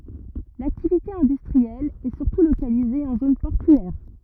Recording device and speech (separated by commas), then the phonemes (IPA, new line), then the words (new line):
rigid in-ear microphone, read sentence
laktivite ɛ̃dystʁiɛl ɛ syʁtu lokalize ɑ̃ zon pɔʁtyɛʁ
L'activité industrielle est surtout localisée en zone portuaire.